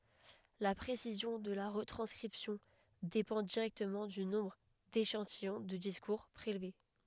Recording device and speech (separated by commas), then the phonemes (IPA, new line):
headset microphone, read sentence
la pʁesizjɔ̃ də la ʁətʁɑ̃skʁipsjɔ̃ depɑ̃ diʁɛktəmɑ̃ dy nɔ̃bʁ deʃɑ̃tijɔ̃ də diskuʁ pʁelve